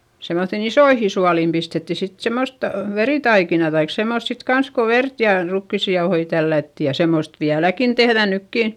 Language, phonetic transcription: Finnish, semmoϑϑin ‿isoihi sualìm pistetti sit semost , verìtaikina taik semmost sit kans ko vert jà rukkissi jaohoi tällätti - ja semmost viäläkin tehδä nykkìn̬ .
- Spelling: semmoisiin isoihin suoliin pistettiin sitten semmoista veritaikinaa tai semmoista sitten kanssa kun verta ja rukiisia jauhoja tällättiin ja semmoista vieläkin tehdään nytkin

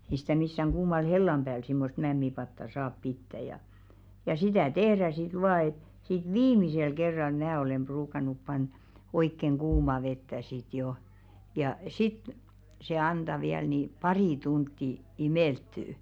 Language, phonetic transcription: Finnish, ei sɪtä missäŋ 'ɢuumal "hellam ʙääl simmost 'mämmipatta "saap 'pittä ja , ja 'sitä̀ "tehrä sit 'vaa et , sit "viimisel 'kerral 'mää olem 'ʙruukan̆nup panᴺᴬ , 'oikkeŋ 'ɢuuma vettä sit 'jo , ja , "sit , se 'anᴅa viäl nì "parì 'tuntti , "imèlttyy .
- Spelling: ei sitä missään kuumalla hellan päällä semmoista mämmipataa saa pitää ja ja sitä tehdään sitten vain että sitten viimeisellä kerralla minä olen ruukannut panna oikein kuumaa vettä sitten jo ja sitten se antaa vielä niin pari tuntia imeltyä

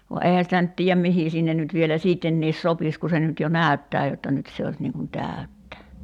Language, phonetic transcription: Finnish, va 'eihä sitä nyt tiijäm "mihì sinnen nyt vielä "siittenniis 'sopis ku se nyt jo "nä̀y̬ttää jotta 'nyt se os niiŋ kun tä̀y̬ttä .
- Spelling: vaan eihän sitä nyt tiedä mihin sinne nyt vielä sittenkin sopisi kun se nyt jo näyttää jotta nyt se olisi niin kuin täyttä

